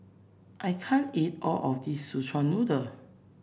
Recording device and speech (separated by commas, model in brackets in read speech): boundary microphone (BM630), read sentence